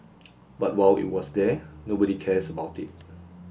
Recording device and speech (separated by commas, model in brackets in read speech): boundary microphone (BM630), read sentence